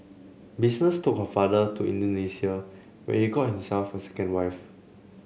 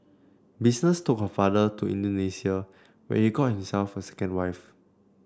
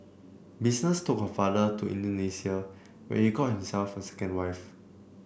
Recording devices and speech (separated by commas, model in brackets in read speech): mobile phone (Samsung C7), standing microphone (AKG C214), boundary microphone (BM630), read sentence